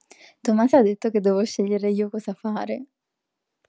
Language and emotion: Italian, happy